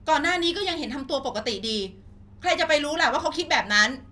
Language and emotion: Thai, angry